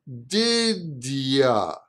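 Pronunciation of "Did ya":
'Did ya' is said without stopping between the words, so it sounds like one word. The oo sound of 'you' is said like 'a', and there is a little j sound between 'did' and 'ya'.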